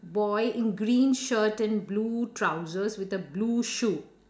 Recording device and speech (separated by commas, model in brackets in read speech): standing microphone, conversation in separate rooms